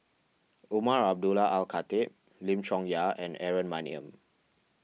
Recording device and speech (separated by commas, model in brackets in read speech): mobile phone (iPhone 6), read sentence